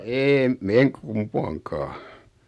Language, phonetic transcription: Finnish, 'eem , 'eŋ 'kumpaaŋkaa .
- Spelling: en en kumpaankaan

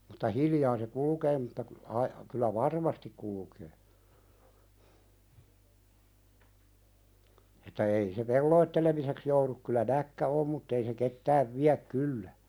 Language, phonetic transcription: Finnish, ᴍᴜtta "hiljaa se 'kulukee mutta ku- , ai- , kyl̆lä "varmastik kulkee , että 'ei se "pelloittelemiseks jouðuk kyllä näkkä "om mutt ‿ei se 'kcttääv viäk "kyllä .
- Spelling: mutta hiljaa se kulkee mutta - - kyllä varmasti kulkee että ei se pelottelemiseksi joudu kyllä näkki on mutta ei se kyttää vielä kyllä

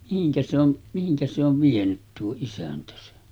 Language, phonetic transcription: Finnish, mihiŋkä se ‿on , mihiŋkä se ‿ov 'vienyt tuo 'isäntä sen .
- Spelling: mihinkä se on mihinkä se on vienyt tuo isäntä sen

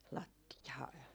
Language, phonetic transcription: Finnish, 'latti₍aa .
- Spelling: lattiaa

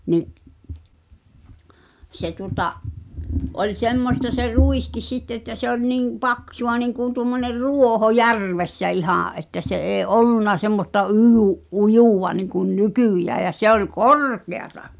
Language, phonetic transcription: Finnish, ni’ , 'se tuŏta , 'oĺ 'semmosta se "rùiskis sitte ‿ttä se ‿ol niŋ , "paksu₍a niŋkùn̆ tuom̆moner "rù̳ò̳ho "järvessä 'ihà’ ’että se ’ee "’ollunna semmosta '(yʲy-) , "’ujùwa niŋkun "nykỳjä ja se ‿ol "korkeata .
- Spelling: niin se tuota oli semmoista se ruiskin sitten että se oli niin paksua niin kuin tuommoinen ruoho järvessä ihan että se ei ollut semmoista - ujua niin kuin nykyään ja se oli korkeata

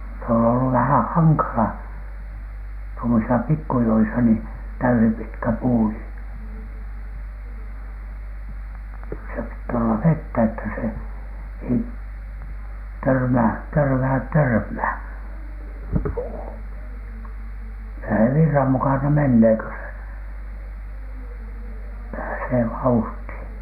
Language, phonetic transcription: Finnish, se on ollu vähää̰ "haŋkala , tuomosisa pikkujoisa nii , 'täysipitkä 'puu nii , kyl(lä) se pitt ‿olla "vettä että se , ei , "törmää , "törmääᵗ "törmhä̀n , puu , (kyllä se) "virram mukana 'mennee kö se , 'pääsee "vauhthìN .
- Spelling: se on ollut vähän hankala tuommoisissa pikkujoissa niin täyspitkä puu niin kyllä se piti olla vettä että se ei törmää törmää törmään puu kyllä se virran mukana menee kun se pääsee vauhtiin

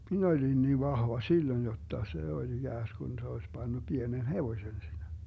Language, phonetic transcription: Finnish, 'min ‿olin niiv 'vahva "silloⁱn jotta , 'se oĺ 'iGääsGun se oes 'Bannu 'Bienen "hevoⁱsen (siinä) .
- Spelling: minä olin niin vahva silloin jotta se oli ikään kuin se olisi pannut pienen hevosen siinä

